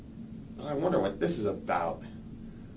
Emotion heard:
disgusted